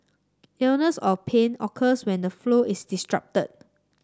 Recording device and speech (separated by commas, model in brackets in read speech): standing microphone (AKG C214), read sentence